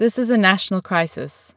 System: none